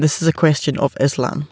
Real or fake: real